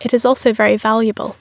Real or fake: real